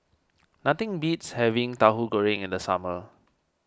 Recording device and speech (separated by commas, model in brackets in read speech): standing microphone (AKG C214), read sentence